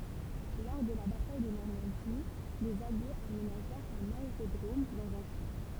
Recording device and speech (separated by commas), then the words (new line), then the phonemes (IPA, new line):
temple vibration pickup, read sentence
Lors de la bataille de Normandie, les Alliés aménagèrent un aérodrome dans un champ.
lɔʁ də la bataj də nɔʁmɑ̃di lez aljez amenaʒɛʁt œ̃n aeʁodʁom dɑ̃z œ̃ ʃɑ̃